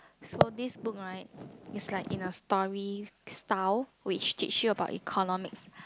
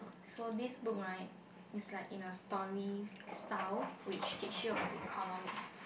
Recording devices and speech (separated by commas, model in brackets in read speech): close-talking microphone, boundary microphone, conversation in the same room